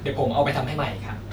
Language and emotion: Thai, neutral